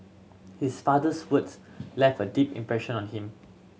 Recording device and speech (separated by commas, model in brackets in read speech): mobile phone (Samsung C7100), read sentence